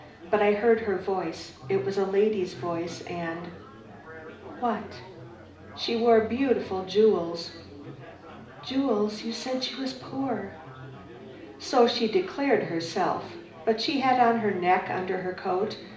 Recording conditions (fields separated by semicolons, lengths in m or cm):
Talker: one person; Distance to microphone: 2.0 m; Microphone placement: close; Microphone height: 99 cm; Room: medium-sized (5.7 m by 4.0 m); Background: babble